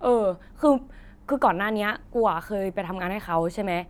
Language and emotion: Thai, neutral